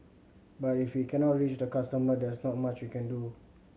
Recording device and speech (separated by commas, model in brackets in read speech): mobile phone (Samsung C7100), read sentence